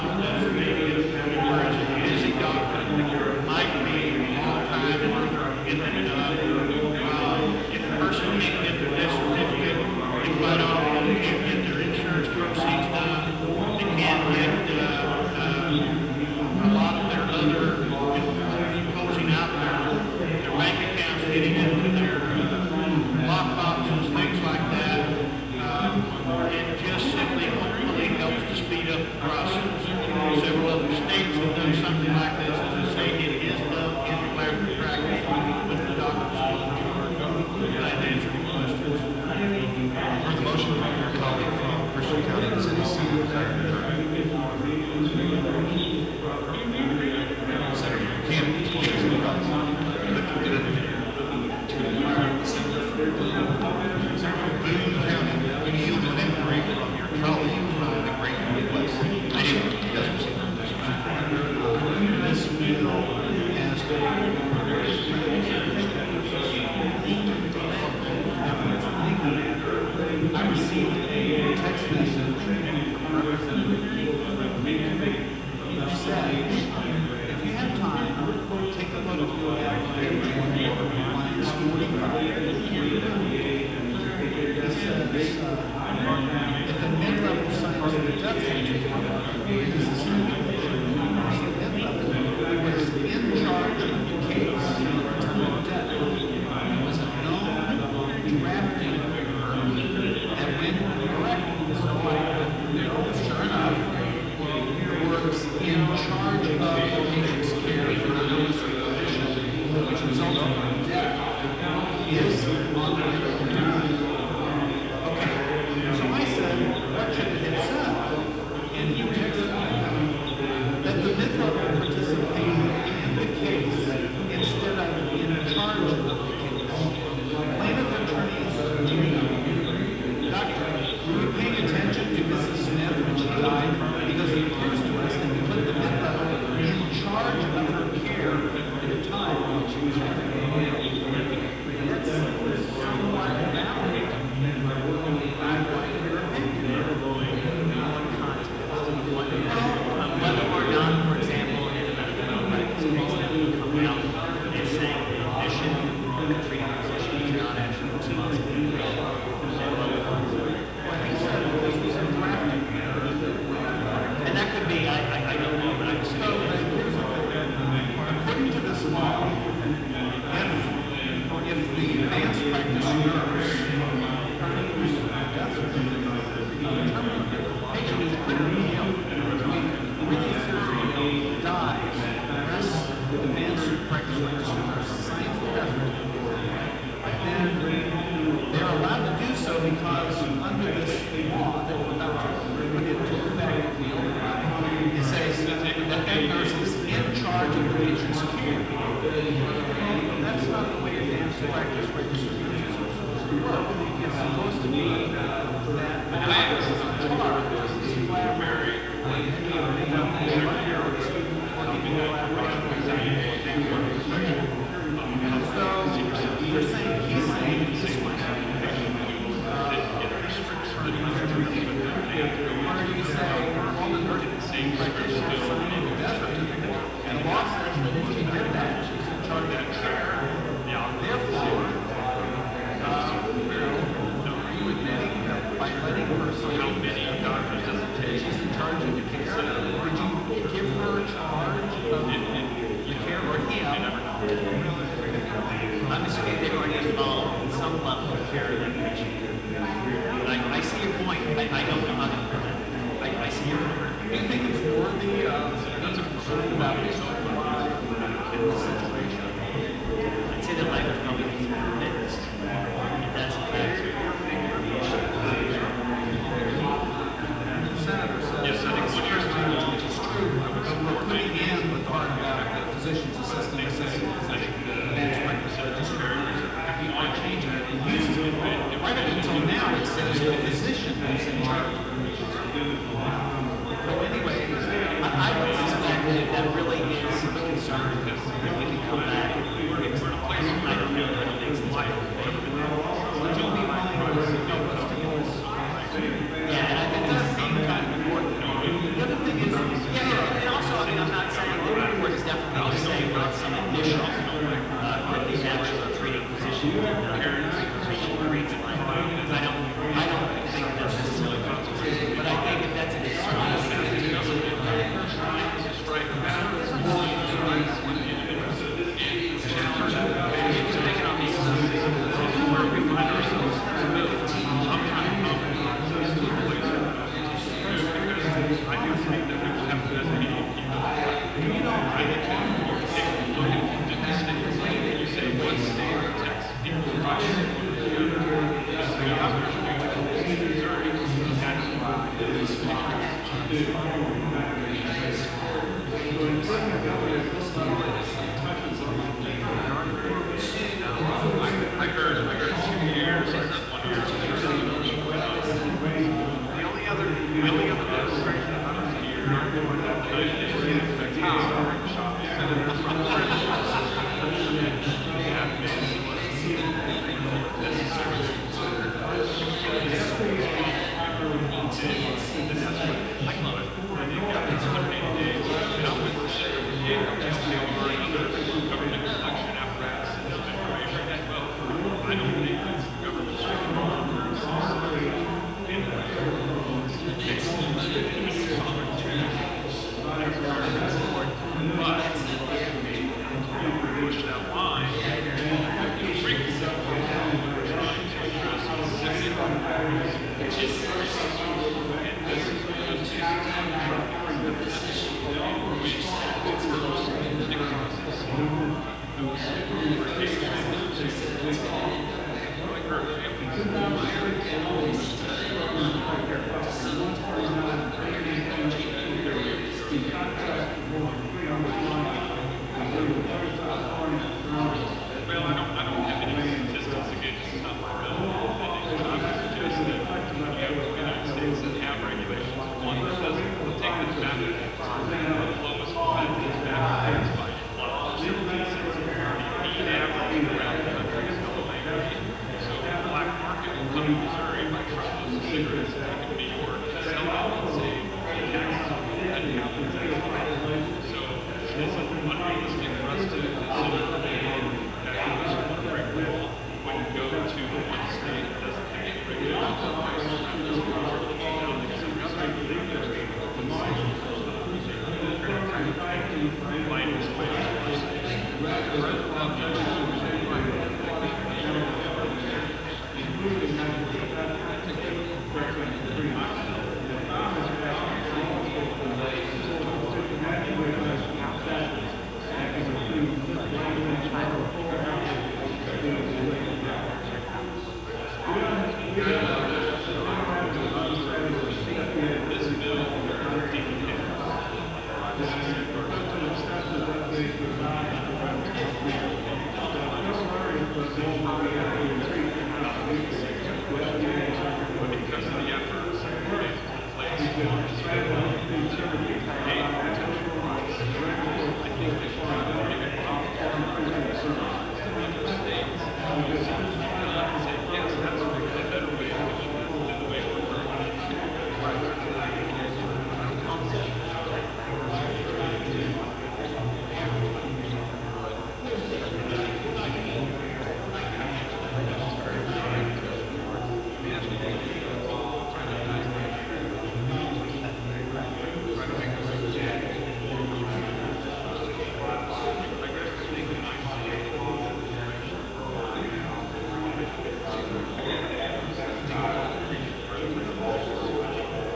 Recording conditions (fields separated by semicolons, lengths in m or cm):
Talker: no one; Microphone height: 1.1 m; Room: very reverberant, large; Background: babble